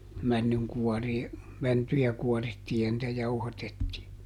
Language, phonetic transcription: Finnish, ˈmännyŋkuɔrii , ˈmäntyjä ˈkuɔrittii ja nⁱtä ˈjauhatettii .
- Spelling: männynkuoria mäntyjä kuorittiin ja niitä jauhatettiin

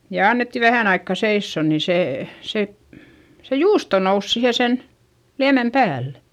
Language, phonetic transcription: Finnish, ja annetti vähä̀n ‿aikka seissò nin̬ see , se , se juusto nous sihe sen , liämem päällE .
- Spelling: ja annettiin vähään aikaa seisoa niin se se se juusto nousi siihen sen liemen päälle

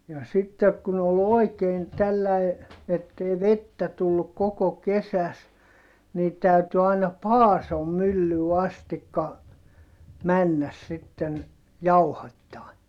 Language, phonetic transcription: Finnish, ja sittek kun ‿ol ‿òi̮keen tälläi , ettei vettä tulluk koko kesäs , nii tä̀yty aina Paasom myllyy astikka , männäs sitten , jauhattaa .
- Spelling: ja sitten kun oli oikein tällä lailla että ei vettä tullut koko kesässä niin täytyi aina Paason myllyyn asti mennä sitten jauhattaa

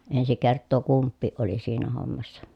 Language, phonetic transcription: Finnish, ensi kerttoo kumppiiʼ ʼoli siinä hommassa .
- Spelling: ensi kertaa kumpikin oli siinä hommassa

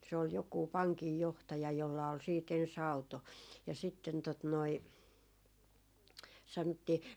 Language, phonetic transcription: Finnish, se ol jokù 'paŋkijjohtaja jolla ol siit 'en's ‿auto ja sitten tot noi , 'sanᵒttii ,.
- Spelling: se oli joku pankinjohtaja jolla oli sitten ensin auto ja sitten tuota noin sanottiin

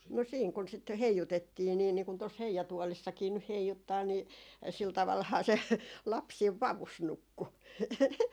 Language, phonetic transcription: Finnish, "no siiŋ kun sit "heijutettii nii niiŋ kun tos "heijatuolissakii nyh 'heijuttaa nii , sil 'tavalhaa 'se , 'laps siiv "vavus 'nukku .
- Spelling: no siinä kun sitä heijutettiin niin niin kuin tuossa heijatuolissakin nyt heijuttaa niin sillä tavallahan se lapsi siinä vavussa nukkui

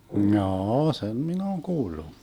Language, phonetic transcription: Finnish, 'm̥jaa₍'a , "sem 'min ‿ooŋ 'kuullu .
- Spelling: jaa sen minä olen kuullut

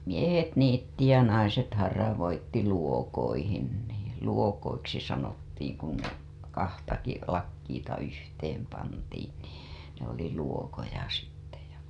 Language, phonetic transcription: Finnish, 'miehet niitti ja 'naiset haravoitti luokoihin nii , 'luokoiksi sanottiiŋ kuŋ , 'kahtaki , 'lakkiita yhteem pantiin nii , ne ‿oli luokoja sitte ja .
- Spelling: miehet niitti ja naiset haravoi luokoihin niin luokoiksi sanottiin kun kahtakin lakkiita yhteen pantiin niin ne oli luokoja sitten ja

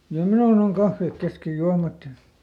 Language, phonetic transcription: Finnish, ja "minun ‿oŋ ˈkaffèk ˈkeskej ˈjuamat ja ,.
- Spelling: ja minun on kahvit kesken juomat ja

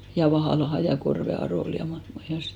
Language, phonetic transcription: Finnish, ja 'Vahàlaha ja 'Korve 'Aròl ja (mahroks muuhals sit) .
- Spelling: ja Vahalaan ja Korven Arolle ja mahtoikos muualle sitten

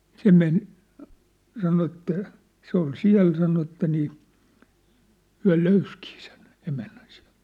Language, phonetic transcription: Finnish, 'se men , 'sano että , 'se ‿ol "siä̭l sano ĕttä nii , 'hyä̭ "löyskii sen , 'emännän sɪᴀ̭̈ʟt .
- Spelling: se meni sanoi että se oli siellä sanoi että niin he löysikin sen emännän sieltä

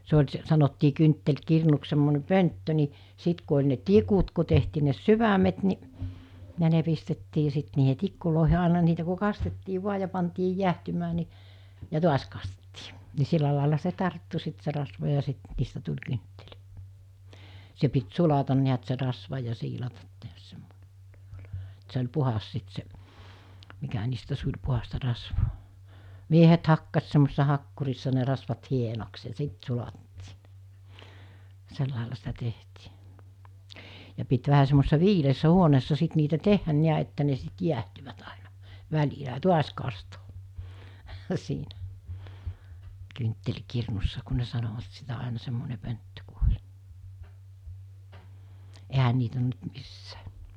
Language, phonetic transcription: Finnish, se oĺ s- , sanottii 'kynttel'kirnuks semmone 'pönttö ni , 'sit ku oĺ ne "tikut ku tehtii ne "syvämet ni , ja ne pistettii sit niihe 'tikkulòehe àena (ni) niitä ku 'kastettii 'vua ja pantii 'jiähtymää ni , ja 'tuas kastettɪɪ , ni 'silla làela se 'tarttu sit se rasva ja sit , niistä tuĺ 'kynttel(it) , se pit 'sulatan niät se rasva ja 'siilatat tehäs semmo(ne - -) et se oĺ 'puhas sit se , mikä niistä 'suĺ 'puhasta 'rasvoo , 'miehet 'hakkas semmosessa 'hakkurissa ne 'rasvat 'hienoks ja 'sit sulattii (ne) , 'sellàela sitä 'tehtii , ja pit 'vähä semmosessa "viileessä 'huoneessa 'sit niitä "tehhän niä että ne sit 'jiähtyvät àinᴀ , 'väĺilä ‿a "tuas kastoo , siinä , kyntteĺkirnussa ku ne sanovat sitä àena semmone pönttö ku oĺ , 'ehä niit ‿on nyt 'missᴀ̈ᴀ̈ .
- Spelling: se oli - sanottiin kynttiläkirnuksi semmoinen pönttö niin sitten kun oli ne tikut kun tehtiin ne sydämet niin ja ne pistettiin sitten niihin tikkuihin aina niin niitä kun kastettiin vain ja pantiin jäähtymään niin ja taas kastettiin niin sillä lailla se tarttui sitten se rasva ja sitten niistä tuli kynttilät se piti sulata näet se rasva ja siilata tehdä semmoinen että se oli puhdas sitten se mikä niistä suli puhdasta rasvaa miehet hakkasi semmoisessa hakkurissa ne rasvat hienoksi ja sitten sulatettiin ne sillä lailla sitä tehtiin ja piti vähän semmoisessa viileässä huoneessa sitten niitä tehdä näet että ne sitten jäähtyivät aina välillä ja taas kastaa siinä kynttiläkirnussa kun ne sanoivat sitä aina semmoinen pönttö kun oli eihän niitä ole nyt missään

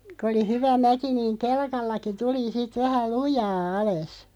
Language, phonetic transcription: Finnish, kᵒ oli "hyvä 'mäki niiŋ "kelkallaki 'tuli sit 'vähä "lujaa 'ales .
- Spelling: kun oli hyvä mäki niin kelkallakin tuli sitten vähän lujaa alas

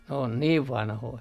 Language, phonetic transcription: Finnish, n ‿oon 'niiv "vanhoi .
- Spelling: ne on niin vanhoja

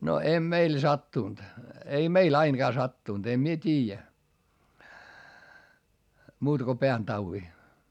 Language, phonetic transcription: Finnish, no em meil sattùnt , ei meil ‿ainGaa sattùnt - em mie t́iijä , muutᵃ ko peäntauwi .
- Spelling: no ei meille sattunut ei meille ainakaan sattunut en minä tiedä muuta kuin pääntaudin

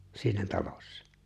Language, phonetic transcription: Finnish, 'siinä 'talossᴀ .
- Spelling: siinä talossa

